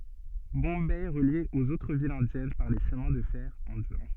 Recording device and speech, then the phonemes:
soft in-ear microphone, read sentence
bɔ̃bɛ ɛ ʁəlje oz otʁ vilz ɛ̃djɛn paʁ le ʃəmɛ̃ də fɛʁ ɛ̃djɛ̃

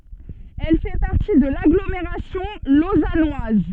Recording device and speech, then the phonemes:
soft in-ear microphone, read sentence
ɛl fɛ paʁti də laɡlomeʁasjɔ̃ lozanwaz

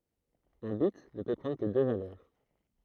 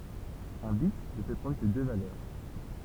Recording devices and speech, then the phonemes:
throat microphone, temple vibration pickup, read sentence
œ̃ bit nə pø pʁɑ̃dʁ kə dø valœʁ

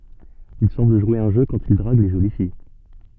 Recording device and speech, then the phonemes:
soft in-ear microphone, read sentence
il sɑ̃bl ʒwe œ̃ ʒø kɑ̃t il dʁaɡ le ʒoli fij

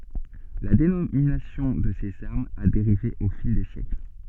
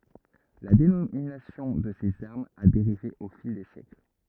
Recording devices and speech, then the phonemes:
soft in-ear microphone, rigid in-ear microphone, read sentence
la denominasjɔ̃ də sez aʁmz a deʁive o fil de sjɛkl

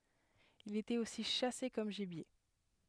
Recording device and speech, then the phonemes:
headset microphone, read sentence
il etɛt osi ʃase kɔm ʒibje

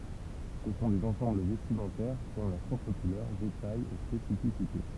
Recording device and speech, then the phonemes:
temple vibration pickup, read sentence
sə sɔ̃ dez ɑ̃sɑ̃bl vɛstimɑ̃tɛʁ ki ɔ̃ lœʁ pʁɔpʁ kulœʁ detajz e spesifisite

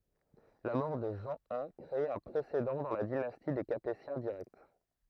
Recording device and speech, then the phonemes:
throat microphone, read sentence
la mɔʁ də ʒɑ̃ i kʁe œ̃ pʁesedɑ̃ dɑ̃ la dinasti de kapetjɛ̃ diʁɛkt

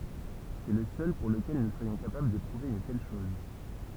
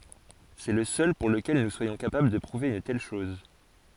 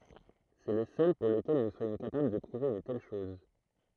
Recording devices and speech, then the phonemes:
temple vibration pickup, forehead accelerometer, throat microphone, read sentence
sɛ lə sœl puʁ ləkɛl nu swajɔ̃ kapabl də pʁuve yn tɛl ʃɔz

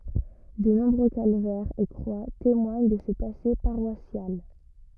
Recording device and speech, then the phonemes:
rigid in-ear microphone, read sentence
də nɔ̃bʁø kalvɛʁz e kʁwa temwaɲ də sə pase paʁwasjal

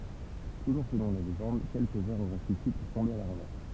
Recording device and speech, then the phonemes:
temple vibration pickup, read sentence
tuʒuʁ səlɔ̃ la leʒɑ̃d kɛlkə vɛʁz oʁɛ syfi puʁ tɔ̃be a la ʁɑ̃vɛʁs

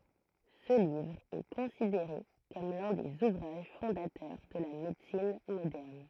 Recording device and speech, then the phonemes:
throat microphone, read sentence
sə livʁ ɛ kɔ̃sideʁe kɔm lœ̃ dez uvʁaʒ fɔ̃datœʁ də la medəsin modɛʁn

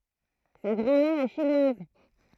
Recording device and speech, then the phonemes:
throat microphone, read sentence
sa ɡʁɑ̃ mɛʁ ɛ ʃinwaz

